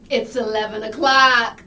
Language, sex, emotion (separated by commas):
English, female, happy